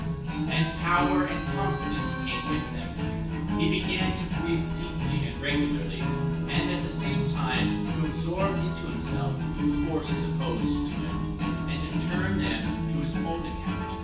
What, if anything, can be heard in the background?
Music.